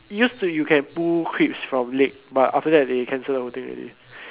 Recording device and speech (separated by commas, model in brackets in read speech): telephone, conversation in separate rooms